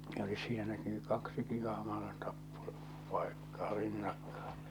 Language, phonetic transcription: Finnish, olis sieläki ny 'kaksiki ahmaa̰ , tappo- , 'paekkaa 'rinnakkᴀᴀ .
- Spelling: olisi sielläkin nyt kaksikin ahman - tappopaikkaa rinnakkain

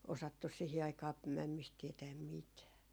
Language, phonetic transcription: Finnish, osattus 'sihi 'aikaa , 'mämmist 'tiɛtääm "mitää .
- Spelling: osattu siihen aikaan mämmistä tietää mitään

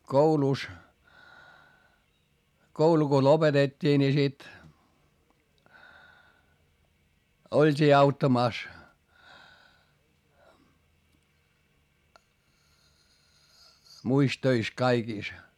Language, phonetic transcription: Finnish, koulùs , koulu ko lopetet́t́ii ni sit , olt́ii auttamàs , muis töis kaikìs .
- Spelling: koulussa koulu kun lopetettiin niin sitten oltiin auttamassa muissa töissä kaikissa

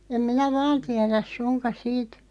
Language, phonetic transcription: Finnish, 'em 'minä "vaan tiäräˢ "suŋkaˢ 'siit ,.
- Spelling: en minä vain tiedä suinkaan siitä

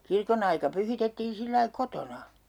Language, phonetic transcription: Finnish, "kirko'n ‿aika 'pyhitettiin̬ sillai "kotona .
- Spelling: kirkon aika pyhitettiin sillä lailla kotona

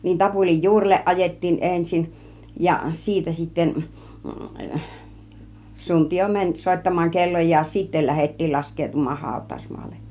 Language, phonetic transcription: Finnish, niin 'tapulij "juurelleˀ 'ˀajettiin 'ensin , ja "siitä sitten , 'suntijo "mäń , 'sòittam̆maaŋ 'kelloj̆jaan̬ , 'sittel lähettiil 'lask̆keetum̆maah hàut̆tàusmaalle .
- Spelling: niin tapulin juurelle ajettiin ensin ja siitä sitten suntio meni soittamaan kellojaan sitten lähdettiin laskeutumaan hautausmaalle

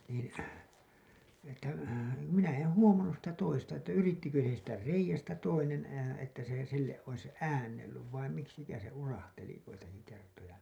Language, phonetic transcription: Finnish, niin̬ , että , minä en "huomannus sitä 'toista että 'yrittikö siittä "reijästä 'toinen , että se silleˀ ˀois "äännellyv vaim 'miksikään̬ se 'urahteli joitaki kertoja .
- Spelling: niin että minä en huomannut sitä toista että yrittikö siitä reiästä toinen että se sille olisi äännellyt vai miksikähän se urahteli joitakin kertoja

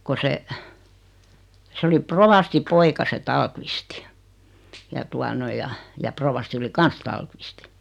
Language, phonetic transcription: Finnish, ko se , 'se oli "provasti 'poika se "Taalkvisti , ja 'tua noi ja , ja 'provasti oli "kans 'Taalkvisti .
- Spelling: kun se se oli rovastin poika se Tallqvist ja tuota noin ja ja rovasti oli kanssa Tallqvist

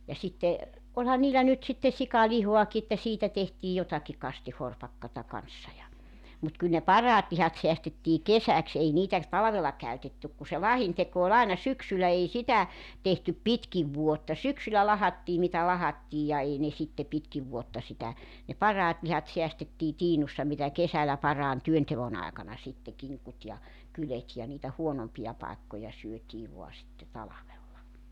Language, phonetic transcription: Finnish, ja 'sitte , 'oĺhan niillä 'nyt sitte 'sika"lihoaki että 'siitä tehtii 'jotaki 'kastihorpakkata 'kanssa ja , mut 'kyl ne "paraat 'lihat 'seästettii "kesäks 'ei 'niitä , "talᵃvella 'käytettyk ku se "lahinteko o'l ‿aena "syksylä 'ei 'sitä , tehtyp "pitkiv 'vuotta "syksylä 'lahattii mitä 'lahattiij ja 'ei ne sitte 'pitkiv vuotta sitä , ne "paraat lihat 'seästettii 'tiinussa mitä 'kesälä 'paraan "työntevon ‿aekana sitte 'kiŋkut ja , 'kylet jà niitä 'huonompija paekkoja 'syöt́ii vo̭a sitte 'talavella .
- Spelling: ja sitten olihan niillä nyt sitten sikalihaakin että siitä tehtiin jotakin kastihorpakkaa kanssa ja mutta kyllä ne parhaat lihat säästettiin kesäksi ei niitä talvella käytetty kun se lahdinteko oli aina syksyllä ei sitä tehty pitkin vuotta syksyllä lahdattiin mitä lahdattiin ja ei ne sitten pitkin vuotta sitä ne parhaat lihat säästettiin tiinussa mitä kesällä parhaan työnteon aikana sitten kinkut ja kyljet ja niitä huonompia paikkoja syötiin vain sitten talvella

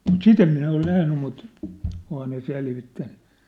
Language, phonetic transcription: Finnish, mut "sit ‿em minä ol 'nähny mut , ohaa ne 'selvittänny .
- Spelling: mutta sitä en minä ole nähnyt mutta onhan ne selvittänyt

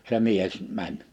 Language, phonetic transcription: Finnish, se 'mies , 'mäń .
- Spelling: se mies meni

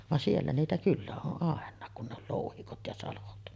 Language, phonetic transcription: Finnish, van 'siellä niitä 'kyllä oˀ ˀàen̆naak kun ne ol 'lòuhikot ja 'salot .
- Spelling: vaan siellä niitä kyllä on ainakin kun ne oli louhikot ja salot

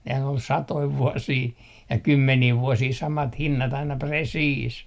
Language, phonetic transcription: Finnish, nehän ol "satoi 'vuosii , ja "kymmenii 'vuosii 'samat 'hinnat aina , "presiis .
- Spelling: nehän oli satoja vuosia ja kymmeniä vuosia samat hinnat aina presiis

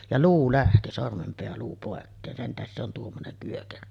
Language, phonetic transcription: Finnish, ja 'luu lähti 'sormempeäluu pòekkeen , 'sen tähes se on 'tuommonem pyökerö .
- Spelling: ja luu lähti sormenpääluu pois sen tähden se on tuommoinen pyökerö

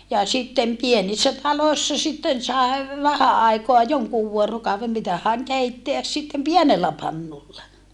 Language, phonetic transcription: Finnish, ja sittem pienissä taloi̮ssa sitten sae , vähä àikoa joŋkuuv vuorokauvem mitähä̀ŋ keitteäs sittem pienellä pannulla .
- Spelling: ja sitten pienissä taloissa sitten sai vähän aikaa jonkun vuorokauden mitähän keittää sitten pienellä pannulla

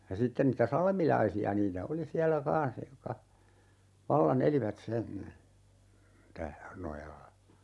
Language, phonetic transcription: Finnish, ja 'sitten nitä "salmilaisi₍a 'niitä "oli 'siällä 'kaa̰s jokka , "valla'n ‿elivät sen , tä- , 'nojalla .
- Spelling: ja sitten niitä salmilaisia niitä oli siellä kanssa jotka vallan elivät sen - nojalla

